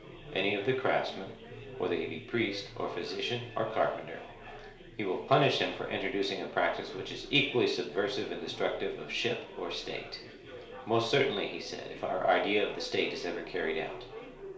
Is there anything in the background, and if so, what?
Crowd babble.